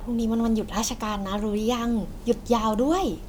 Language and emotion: Thai, happy